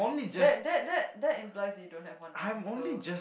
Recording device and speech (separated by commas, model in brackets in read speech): boundary microphone, conversation in the same room